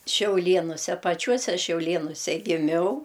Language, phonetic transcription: Lithuanian, šiauˈlėnuse paˈčiuose šiauˈlėnuse giˈmiau

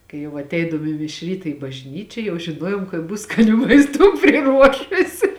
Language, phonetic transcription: Lithuanian, kai ˈjau atˈeidavom i miš ˈryta i bažˈnyčia jau žiˈnuojuom kad ˈbus skaˈnių maisˈtų priˈruošusi

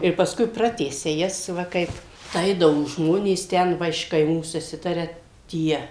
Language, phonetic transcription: Lithuanian, ir pasˈkui ˈpratęsia ˈjas ˈva ˈkaip ˈaidavo ˈžmonės ˈten ˈva iš kaiˈmų suˈsitaria ˈtie

